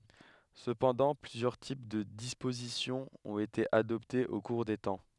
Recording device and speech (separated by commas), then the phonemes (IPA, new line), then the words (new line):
headset microphone, read sentence
səpɑ̃dɑ̃ plyzjœʁ tip də dispozisjɔ̃ ɔ̃t ete adɔptez o kuʁ de tɑ̃
Cependant, plusieurs types de disposition ont été adoptés au cours des temps.